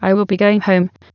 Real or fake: fake